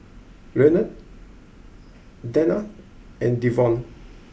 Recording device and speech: boundary microphone (BM630), read sentence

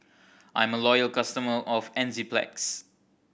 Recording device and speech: boundary microphone (BM630), read sentence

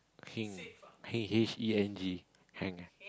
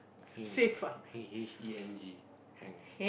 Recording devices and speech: close-talking microphone, boundary microphone, conversation in the same room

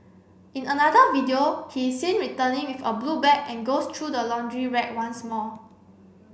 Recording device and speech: boundary microphone (BM630), read sentence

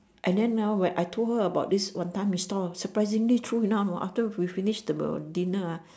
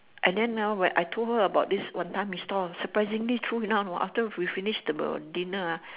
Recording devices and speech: standing microphone, telephone, conversation in separate rooms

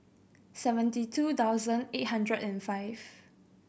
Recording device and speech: boundary microphone (BM630), read sentence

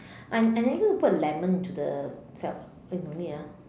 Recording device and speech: standing microphone, conversation in separate rooms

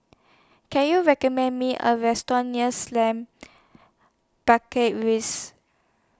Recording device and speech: standing microphone (AKG C214), read sentence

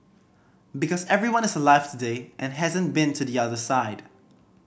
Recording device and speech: boundary microphone (BM630), read sentence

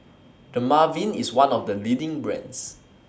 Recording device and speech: standing microphone (AKG C214), read sentence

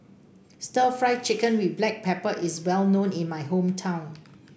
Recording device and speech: boundary microphone (BM630), read sentence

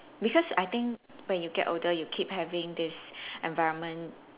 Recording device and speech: telephone, conversation in separate rooms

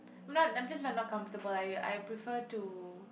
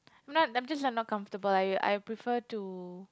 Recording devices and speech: boundary microphone, close-talking microphone, conversation in the same room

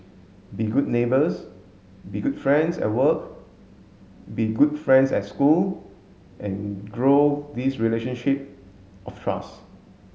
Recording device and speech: mobile phone (Samsung S8), read sentence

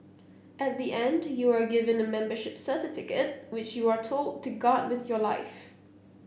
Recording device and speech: boundary microphone (BM630), read sentence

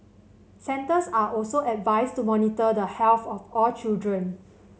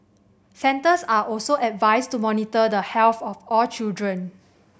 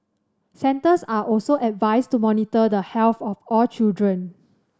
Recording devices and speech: mobile phone (Samsung C7100), boundary microphone (BM630), standing microphone (AKG C214), read sentence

